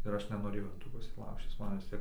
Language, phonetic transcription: Lithuanian, ir ˈaš nenoˈrėjau in ˈtų ˈpusį ˈlaužčis ˈman vis ˈtiek

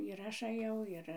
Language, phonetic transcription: Lithuanian, ir ˈaš aˈjau ˈir

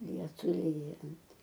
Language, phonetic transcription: Lithuanian, ˈlietui ˈlyjant

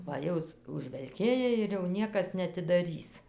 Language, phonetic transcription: Lithuanian, va ˈjau s užvelˈkėja ir jau ˈniekas neatidaˈrys

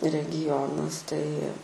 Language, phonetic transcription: Lithuanian, regiˈjonas tai

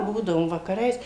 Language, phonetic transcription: Lithuanian, ˈbūdavom vakaˈrais

